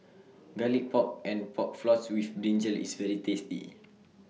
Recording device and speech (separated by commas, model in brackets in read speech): mobile phone (iPhone 6), read sentence